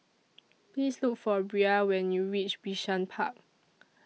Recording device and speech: mobile phone (iPhone 6), read sentence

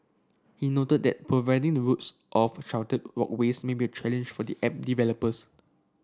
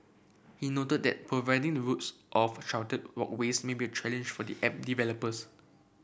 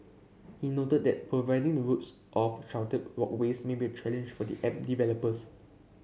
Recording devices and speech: standing microphone (AKG C214), boundary microphone (BM630), mobile phone (Samsung C7), read sentence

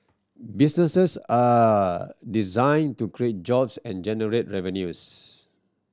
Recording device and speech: standing microphone (AKG C214), read sentence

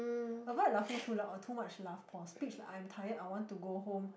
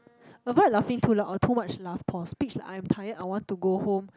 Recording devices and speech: boundary microphone, close-talking microphone, conversation in the same room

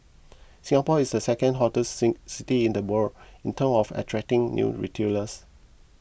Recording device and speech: boundary microphone (BM630), read sentence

